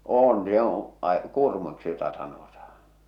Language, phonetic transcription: Finnish, 'oon 'jooo̰ , ᵃⁱ , 'kùrmuiksi jota sanotahᴀ .
- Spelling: on joo ai kurmuiksi jota sanotaan

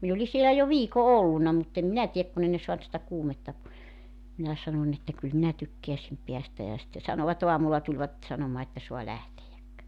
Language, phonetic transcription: Finnish, 'min ‿oli sielä jo "viiko 'ollunna mut ‿em 'minä tiek ku'n ‿ei ne soant sitä 'kuumetta (poes) , minä 'sanoń ‿että » 'kyl 'minä 'tykkeäsim 'peästä « ja sⁱtte 'sanova"t ‿oamulla tuĺvat , 'sanomaa että 'soa 'lähtejäk .
- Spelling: minä olin siellä jo viikon ollut mutta en minä tiedä kun ei ne saanut sitä kuumetta pois minä sanoin että kyllä minä tykkäisin päästä ja sitten sanoivat aamulla tulivat sanomaan että saa lähteä

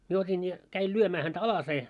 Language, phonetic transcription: Finnish, mie 'ot́in ja , käil 'lyömää häntä 'alasee .
- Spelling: minä otin ja kävin lyömään häntä alaseen

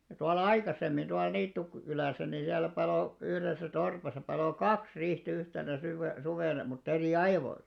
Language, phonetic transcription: Finnish, ja 'tual̆la "aikasemmin tual 'Niittuk- , -kylä̀sä ni 'siällä 'palò , yhresä 'torpasa palò "kaks 'rih't ‿yhtenä syve- 'suvèna mut't ‿erì "aivoil̆§la .
- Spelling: ja tuolla aikaisemmin tuolla - Niittykylässä niin siellä paloi yhdessä torpassa paloi kaksi riihtä yhtenä - suvena mutta eri ajoilla

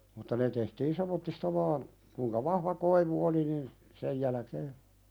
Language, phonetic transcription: Finnish, mutta 'ne tehtiin "sem̆mottista 'vaan , kuⁱŋka "vahva 'koivu oli nin , 'sej jälᵃ̈kee ,.
- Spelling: mutta ne tehtiin semmoisista vain kuinka vahva koivu oli niin sen jälkeen

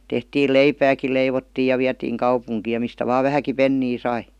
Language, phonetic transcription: Finnish, 'tehtiil "leipääki 'leivottiij̆ ja viätiiŋ 'kaupuŋkiij ja mistä vaa "vähäki "pennii 'sai .
- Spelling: tehtiin leipääkin leivottiin ja vietiin kaupunkiin ja mistä vain vähänkin penniä sai

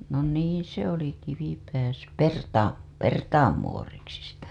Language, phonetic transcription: Finnish, no niiḭ se oli Kivipää s- , "Pertaa , "Pertaam 'muoriksi sitä .
- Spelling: no niin se oli Kivipää - Pertaa Pertaan muoriksi sitä

